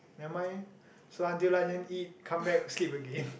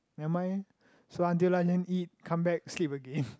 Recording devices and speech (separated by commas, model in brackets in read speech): boundary microphone, close-talking microphone, conversation in the same room